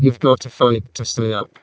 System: VC, vocoder